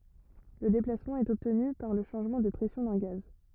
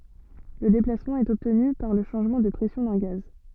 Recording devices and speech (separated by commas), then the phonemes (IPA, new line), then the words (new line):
rigid in-ear microphone, soft in-ear microphone, read sentence
lə deplasmɑ̃ ɛt ɔbtny paʁ lə ʃɑ̃ʒmɑ̃ də pʁɛsjɔ̃ dœ̃ ɡaz
Le déplacement est obtenu par le changement de pression d'un gaz.